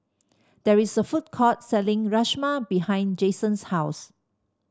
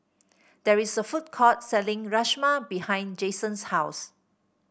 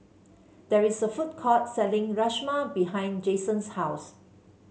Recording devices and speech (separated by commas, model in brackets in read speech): standing microphone (AKG C214), boundary microphone (BM630), mobile phone (Samsung C7), read sentence